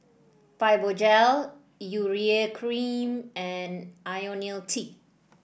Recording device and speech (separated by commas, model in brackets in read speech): boundary microphone (BM630), read sentence